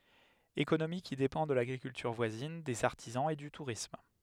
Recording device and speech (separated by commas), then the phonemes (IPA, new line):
headset microphone, read sentence
ekonomi ki depɑ̃ də laɡʁikyltyʁ vwazin dez aʁtizɑ̃z e dy tuʁism